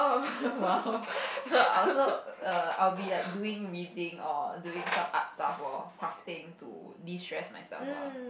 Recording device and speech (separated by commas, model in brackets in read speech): boundary microphone, conversation in the same room